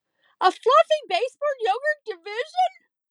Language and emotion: English, sad